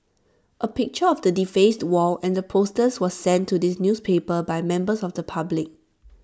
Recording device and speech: standing microphone (AKG C214), read sentence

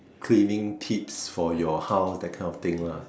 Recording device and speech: standing microphone, conversation in separate rooms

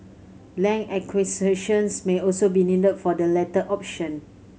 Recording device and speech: mobile phone (Samsung C7100), read sentence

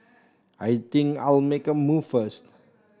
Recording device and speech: standing microphone (AKG C214), read sentence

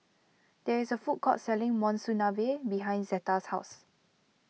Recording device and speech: mobile phone (iPhone 6), read sentence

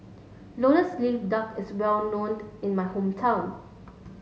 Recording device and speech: mobile phone (Samsung S8), read sentence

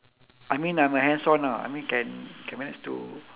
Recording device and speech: telephone, conversation in separate rooms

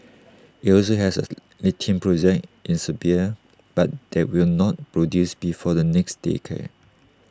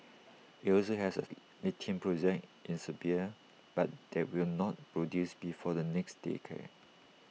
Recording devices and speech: standing microphone (AKG C214), mobile phone (iPhone 6), read sentence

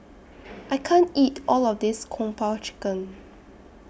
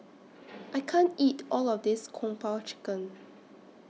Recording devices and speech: boundary microphone (BM630), mobile phone (iPhone 6), read sentence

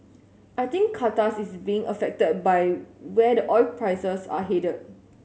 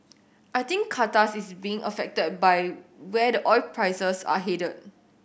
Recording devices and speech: mobile phone (Samsung S8), boundary microphone (BM630), read sentence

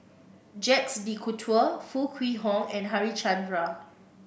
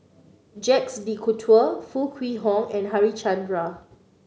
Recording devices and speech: boundary microphone (BM630), mobile phone (Samsung C9), read sentence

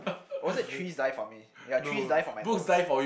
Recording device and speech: boundary microphone, conversation in the same room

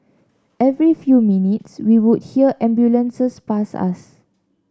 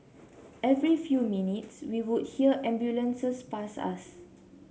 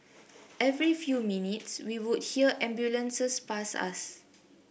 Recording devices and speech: standing microphone (AKG C214), mobile phone (Samsung C7), boundary microphone (BM630), read sentence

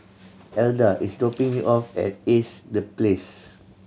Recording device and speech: mobile phone (Samsung C7100), read sentence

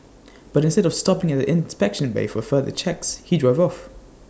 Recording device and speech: standing microphone (AKG C214), read sentence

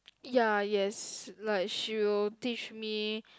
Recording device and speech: close-talking microphone, conversation in the same room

